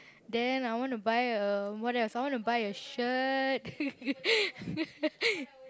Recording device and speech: close-talking microphone, conversation in the same room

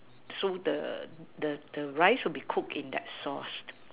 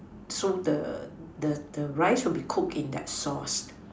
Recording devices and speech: telephone, standing microphone, conversation in separate rooms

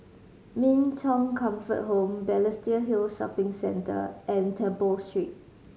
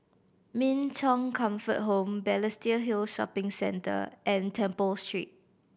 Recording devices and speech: mobile phone (Samsung C5010), boundary microphone (BM630), read sentence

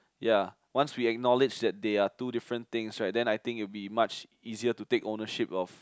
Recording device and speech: close-talking microphone, conversation in the same room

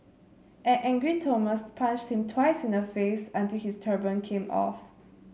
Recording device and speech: mobile phone (Samsung C7), read sentence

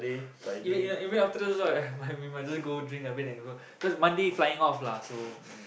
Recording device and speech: boundary microphone, conversation in the same room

